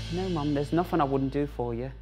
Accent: with Cockney accent